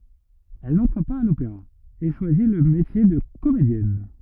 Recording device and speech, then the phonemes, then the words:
rigid in-ear microphone, read sentence
ɛl nɑ̃tʁ paz a lopeʁa e ʃwazi lə metje də komedjɛn
Elle n'entre pas à l'Opéra et choisi le métier de comédienne.

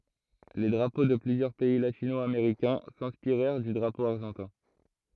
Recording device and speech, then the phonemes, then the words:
throat microphone, read sentence
le dʁapo də plyzjœʁ pɛi latino ameʁikɛ̃ sɛ̃spiʁɛʁ dy dʁapo aʁʒɑ̃tɛ̃
Les drapeaux de plusieurs pays latino-américains s'inspirèrent du drapeau argentin.

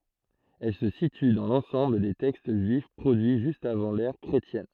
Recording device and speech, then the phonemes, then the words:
throat microphone, read sentence
ɛl sə sity dɑ̃ lɑ̃sɑ̃bl de tɛkst ʒyif pʁodyi ʒyst avɑ̃ lɛʁ kʁetjɛn
Elle se situe dans l'ensemble des textes juifs produits juste avant l'ère chrétienne.

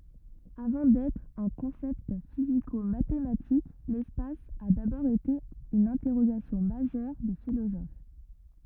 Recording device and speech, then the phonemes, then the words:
rigid in-ear microphone, read sentence
avɑ̃ dɛtʁ œ̃ kɔ̃sɛpt fizikomatematik lɛspas a dabɔʁ ete yn ɛ̃tɛʁoɡasjɔ̃ maʒœʁ de filozof
Avant d'être un concept physico-mathématique, l'espace a d'abord été une interrogation majeure des philosophes.

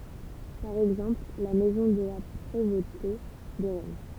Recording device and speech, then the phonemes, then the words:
temple vibration pickup, read sentence
paʁ ɛɡzɑ̃pl la mɛzɔ̃ də la pʁevote də ʁɛn
Par exemple, la maison de la Prévôté de Rennes.

